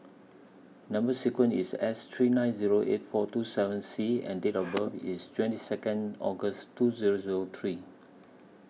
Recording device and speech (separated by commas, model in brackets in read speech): mobile phone (iPhone 6), read sentence